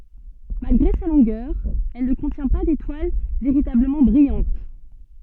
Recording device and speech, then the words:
soft in-ear microphone, read sentence
Malgré sa longueur, elle ne contient pas d'étoile véritablement brillante.

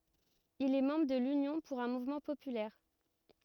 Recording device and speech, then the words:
rigid in-ear microphone, read sentence
Il est membre de l'Union pour un mouvement populaire.

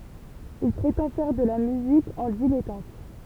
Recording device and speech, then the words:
temple vibration pickup, read sentence
Il prétend faire de la musique en dilettante.

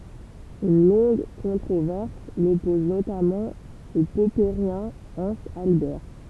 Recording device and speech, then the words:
temple vibration pickup, read sentence
Une longue controverse l'oppose notamment au popperien Hans Albert.

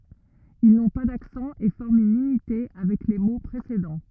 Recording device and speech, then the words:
rigid in-ear microphone, read sentence
Ils n'ont pas d'accent et forment une unité avec les mots précédents.

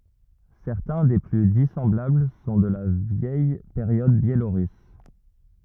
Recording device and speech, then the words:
rigid in-ear microphone, read sentence
Certains des plus dissemblables sont de la vieille période biélorusse.

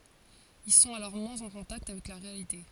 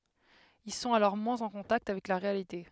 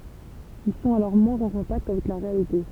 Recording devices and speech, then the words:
forehead accelerometer, headset microphone, temple vibration pickup, read sentence
Ils sont alors moins en contact avec la réalité.

